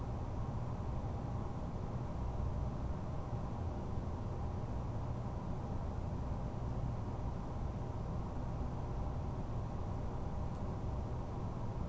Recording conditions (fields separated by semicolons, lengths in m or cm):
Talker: no one; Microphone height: 2.7 m; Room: medium-sized (5.7 m by 4.0 m); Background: none